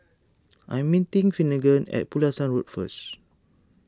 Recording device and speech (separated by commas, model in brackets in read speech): standing microphone (AKG C214), read sentence